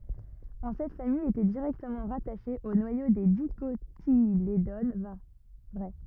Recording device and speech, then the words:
rigid in-ear microphone, read sentence
En cette famille était directement rattachée au noyau des Dicotylédones vraies.

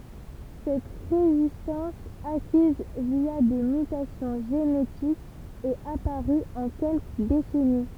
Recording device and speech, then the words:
temple vibration pickup, read sentence
Cette résistance, acquise via des mutations génétiques, est apparue en quelques décennies.

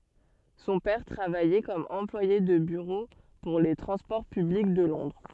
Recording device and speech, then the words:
soft in-ear microphone, read sentence
Son père travaillait comme employé de bureau pour les transports publics de Londres.

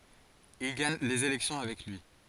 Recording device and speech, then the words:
forehead accelerometer, read sentence
Il gagne les élections avec lui.

